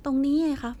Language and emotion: Thai, neutral